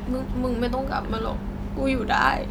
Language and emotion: Thai, sad